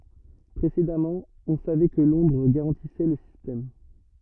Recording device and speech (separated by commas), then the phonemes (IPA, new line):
rigid in-ear microphone, read sentence
pʁesedamɑ̃ ɔ̃ savɛ kə lɔ̃dʁ ɡaʁɑ̃tisɛ lə sistɛm